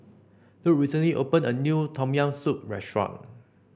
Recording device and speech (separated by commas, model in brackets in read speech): boundary microphone (BM630), read sentence